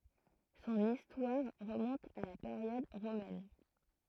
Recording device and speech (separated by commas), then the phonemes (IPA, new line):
throat microphone, read sentence
sɔ̃n istwaʁ ʁəmɔ̃t a la peʁjɔd ʁomɛn